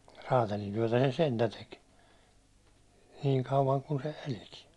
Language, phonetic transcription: Finnish, 'raatalintyäₒtä se "sentä 'tek , 'niiŋ kauvaŋ kun se 'eliki .
- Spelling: räätälintyötä se sentään teki niin kauan kuin se elikin

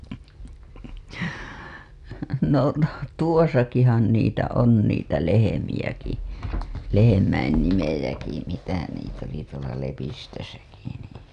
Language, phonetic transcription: Finnish, no , 'tuosakihan niitä on niitä 'lehe-miʲäki , lehemäin nimejäki mitä niit ‿oli tuola Lepistösäki nii .
- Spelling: no tuossakinhan niitä on niitä lehmiäkin lehmien nimiäkin mitä niitä oli tuolla Lepistössäkin niin

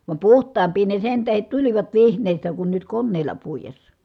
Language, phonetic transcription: Finnish, vam puht̀aamp̀ii ne sen tähet tulivat vihǹèi̮stä kun nyt konnèi̮l̀a puijessa .
- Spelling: vaan puhtaampia ne sen tähden tulivat vihneistä kuin nyt koneilla puidessa

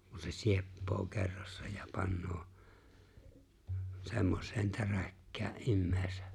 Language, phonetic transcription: Finnish, kun se "sieppoo 'kerrassᴀ ja 'pannᴏᴏ , 'semmos̀een "täräkkää’ '’immᴇ̭ᴇ̭sᴇ .
- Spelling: kun se sieppaa kerrassa ja panee semmoiseen täräkkään ihmisen

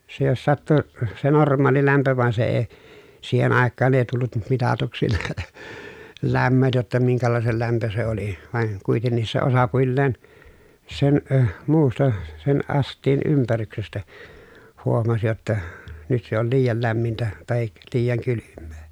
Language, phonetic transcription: Finnish, se jos sattu , se norm̀aali lämpö van se ee , siihen àekkaan èi tullut m- mitatuksi , läm̀möt jotta miŋkälàesel lämpö se oli , vài̮n , kuitennis se osapuilleen , sen , ə muusta , sen ʼast̀iin ympäryksestä , huomas jotta , nyt se ‿ol liijal lämmintä , tahik , liijaŋ kylymmEE .
- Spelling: se jos sattui se normaali lämpö vaan se ei siihen aikaan ei tullut - mitatuksi lämmöt jotta minkälaisen lämpö se oli vain kuitenkin se osapuilleen sen - muusta sen astian ympäryksestä huomasi jotta nyt se oli liian lämmintä tai liian kylmää

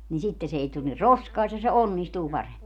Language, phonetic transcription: Finnish, nin 'sitte 'se ei tul ni "roskaista se "onnistuu 'paremmi .
- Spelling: niin sitten se ei tule niin roskaista se onnistuu paremmin

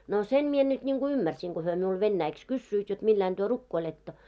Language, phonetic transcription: Finnish, no 'sem mie nyt ńiŋɢu 'ymmärsiŋ ɢo hyö miul 'vennäiks "kyssyit jot 'milläin ᴅyö "rukkoiletto .
- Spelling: no sen minä nyt niin kuin ymmärsin kun he minulle venäjäksi kysyivät jotta millä lailla te rukoilette

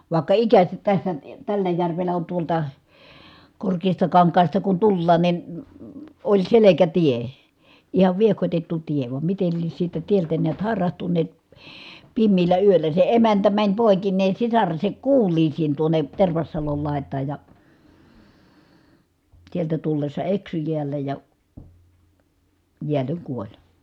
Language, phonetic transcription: Finnish, vàekka ikäsät tässä , tällä järvellä on tuolta , Korkeestakaŋkaasta kun tullaan nin , oĺ selekätie , ihav viehkotettu tie , vam mitel lies siltä tieltä neät hài̮rahtunnè(t) , pimmiillä yöllä se emäntä mäń pòekinnee sisaresek kuul̀iisiin tuone , Tervassalol lài̮t̀aaj ja , sieltä tullessa eksy jiällä ja , jiälleŋ kuoĺ .
- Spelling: vaikka ikänsä tässä tällä järvellä on tuolta Korkeastakankaasta kun tullaan niin oli selkätie ihan viehkotettu tie vaan miten lie siltä tieltä näet hairahtuneet pimeällä yöllä se emäntä meni poikineen sisarensa kuuliaisiin tuonne Tervassalon laitaan ja sieltä tullessa eksyi jäällä ja jäälle kuoli

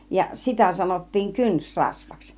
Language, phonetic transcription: Finnish, ja "sitä sanottiiŋ "kyns'rasvaks .
- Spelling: ja sitä sanottiin kynsirasvaksi

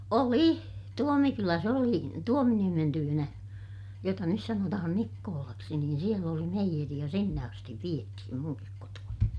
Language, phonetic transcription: Finnish, oli , Tuomikyläs ‿oli , Tuominiemen tyynä , jota nys sanotahan Nikkoolaksi niin siel ‿oli meijeri ja sinne astiv viethim muŋkik kotu₍ani .
- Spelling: oli Tuomikylässä oli Tuominiemen tykönä jota nyt sanotaan Nikkolaksi niin siellä oli meijeri ja sinne asti vietiin minunkin kotoani

